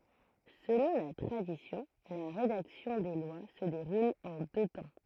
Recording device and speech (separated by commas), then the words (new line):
throat microphone, read sentence
Selon la tradition, la rédaction des lois se déroule en deux temps.